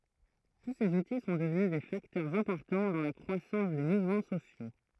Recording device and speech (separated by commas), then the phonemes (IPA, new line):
throat microphone, read sentence
tu sez uti sɔ̃ dəvny de faktœʁz ɛ̃pɔʁtɑ̃ dɑ̃ la kʁwasɑ̃s de muvmɑ̃ sosjo